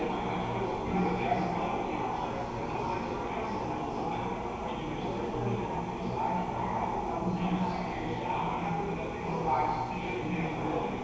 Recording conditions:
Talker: no one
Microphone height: 3.2 m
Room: very reverberant, large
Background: babble

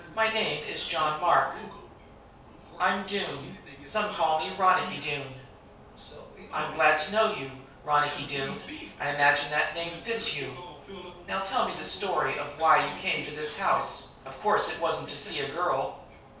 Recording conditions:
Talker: one person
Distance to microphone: 3.0 m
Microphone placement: far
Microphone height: 1.8 m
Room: small (3.7 m by 2.7 m)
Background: television

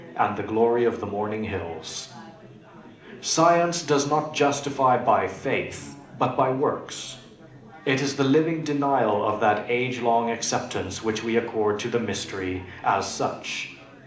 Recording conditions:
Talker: one person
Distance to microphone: 2.0 m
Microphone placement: close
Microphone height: 99 cm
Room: medium-sized (5.7 m by 4.0 m)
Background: babble

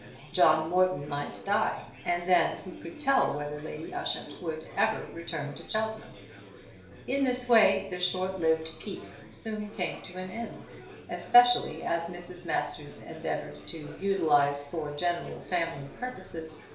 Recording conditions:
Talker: one person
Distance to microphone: 1.0 m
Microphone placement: close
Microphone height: 1.1 m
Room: small (3.7 m by 2.7 m)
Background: babble

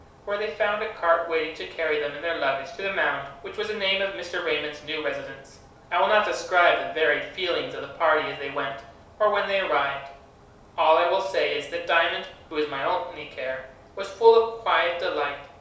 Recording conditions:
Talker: one person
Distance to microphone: 3.0 m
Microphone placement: far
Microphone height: 1.8 m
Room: small (3.7 m by 2.7 m)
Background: none

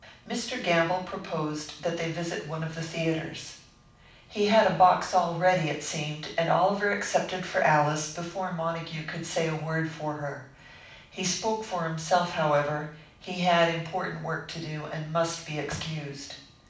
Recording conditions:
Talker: one person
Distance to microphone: 5.8 m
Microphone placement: far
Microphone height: 1.8 m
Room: medium-sized (5.7 m by 4.0 m)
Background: none

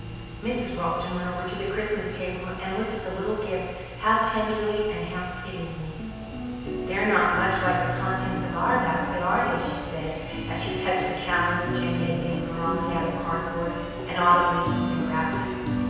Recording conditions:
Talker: one person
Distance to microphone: 7.1 m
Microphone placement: far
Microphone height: 1.7 m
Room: very reverberant, large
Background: music

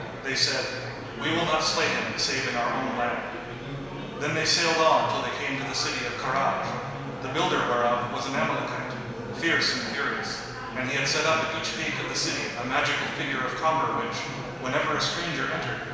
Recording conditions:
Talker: one person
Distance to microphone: 1.7 m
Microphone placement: close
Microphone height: 1.0 m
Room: very reverberant, large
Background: babble

